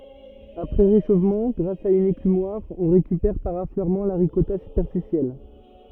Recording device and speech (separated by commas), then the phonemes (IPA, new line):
rigid in-ear microphone, read sentence
apʁɛ ʁeʃofmɑ̃ ɡʁas a yn ekymwaʁ ɔ̃ ʁekypɛʁ paʁ afløʁmɑ̃ la ʁikɔta sypɛʁfisjɛl